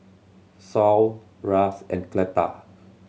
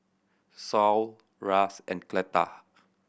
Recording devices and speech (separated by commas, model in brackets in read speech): mobile phone (Samsung C7100), boundary microphone (BM630), read sentence